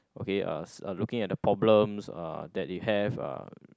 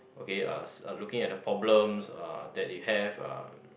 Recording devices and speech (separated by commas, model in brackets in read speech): close-talking microphone, boundary microphone, conversation in the same room